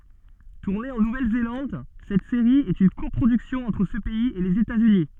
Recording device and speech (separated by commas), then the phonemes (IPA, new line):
soft in-ear microphone, read sentence
tuʁne ɑ̃ nuvɛlzelɑ̃d sɛt seʁi ɛt yn kɔpʁodyksjɔ̃ ɑ̃tʁ sə pɛiz e lez etatsyni